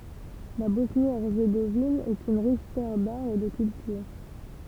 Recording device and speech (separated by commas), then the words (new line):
temple vibration pickup, read sentence
La Bosnie-Herzégovine est une riche terre d'art et de culture.